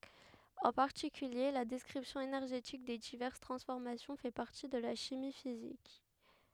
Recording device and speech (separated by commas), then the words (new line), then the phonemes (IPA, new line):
headset microphone, read sentence
En particulier, la description énergétique des diverses transformations fait partie de la chimie physique.
ɑ̃ paʁtikylje la dɛskʁipsjɔ̃ enɛʁʒetik de divɛʁs tʁɑ̃sfɔʁmasjɔ̃ fɛ paʁti də la ʃimi fizik